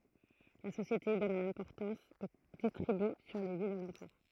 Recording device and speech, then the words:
throat microphone, read sentence
La société gagne en importance et distribue sur les villes alentour.

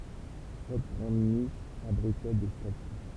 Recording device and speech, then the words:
temple vibration pickup, read sentence
Sept grandes niches abritaient des statues.

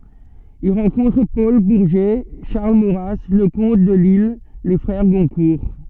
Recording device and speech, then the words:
soft in-ear microphone, read sentence
Il rencontre Paul Bourget, Charles Maurras, Leconte de Lisle, les frères Goncourt.

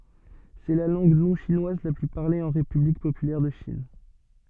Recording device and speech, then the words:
soft in-ear microphone, read sentence
C'est la langue non-chinoise la plus parlée en République populaire de Chine.

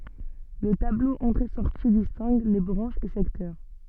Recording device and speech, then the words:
soft in-ear microphone, read sentence
Le tableau entrées-sorties distingue les branches et secteurs.

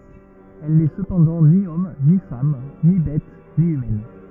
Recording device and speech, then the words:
rigid in-ear microphone, read sentence
Elle n'est cependant ni homme, ni femme, ni bête, ni humaine.

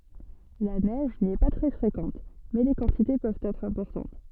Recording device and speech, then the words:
soft in-ear microphone, read sentence
La neige n'y est pas très fréquente, mais les quantités peuvent être importantes.

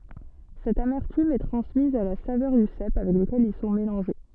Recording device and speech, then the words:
soft in-ear microphone, read sentence
Cette amertume est transmise à la saveur du cèpe avec lequel ils sont mélangés.

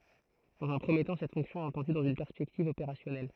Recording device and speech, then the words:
throat microphone, read sentence
Dans un premier temps, cette fonction est entendue dans une perspective opérationnelle.

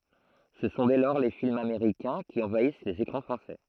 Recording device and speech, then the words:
throat microphone, read sentence
Ce sont dès lors les films américains qui envahissent les écrans français.

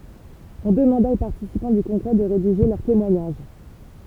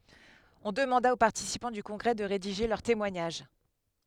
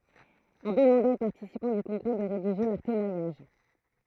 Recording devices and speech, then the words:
temple vibration pickup, headset microphone, throat microphone, read sentence
On demanda aux participants du congrès de rédiger leur témoignage.

